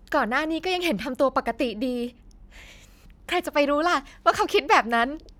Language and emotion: Thai, happy